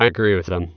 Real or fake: fake